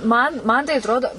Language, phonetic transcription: Lithuanian, ˈman ˈman tai atˈrodo

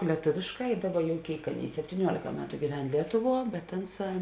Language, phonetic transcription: Lithuanian, lieˈtovėšˌkā i ˈdaˌba jau ˈkėik ˈaˌnėi septyˈniuolėka ˈmetu gyˈven ˈlietuˌvuo bet ˈanˌsā

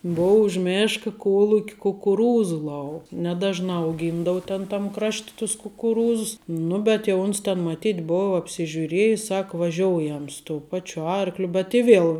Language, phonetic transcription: Lithuanian, ˈbou už ˈmėška ˈkuoluk' kukuˈrūzu ˈlau neˈdažnā auˈgyndavu ˈten tam ˈkrašt' tus kukuˈrūzus ˈnu bet jau ˈuns ten maˈtyt' ˈbova apsižiuˈriejis ˈsak vaˈžioujam su tou ˈpačiu ˈarkliu bet i ˈviel

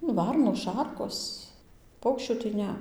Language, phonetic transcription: Lithuanian, nu ˈvarnos ˈšarkos ˈpaukščių tai ˈne

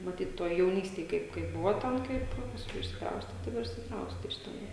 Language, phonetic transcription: Lithuanian, maˈtyt ˈtuoj jauˈnystėj ˈkaip kaip ˈbuva ˈten ˈkaip pasˈkui išsikˈrauste ˈtai va ir išsikˈrauste iš teˈnai

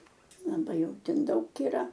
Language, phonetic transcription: Lithuanian, laˈbai ˈjau ˈten ˈdaug yˈra

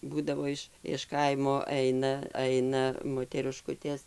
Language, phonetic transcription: Lithuanian, ˈbūdavo iš iš ˈkaimo ˈeina ˈaina moteriˈškutės

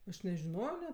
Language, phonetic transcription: Lithuanian, aš nežiˈnojo net

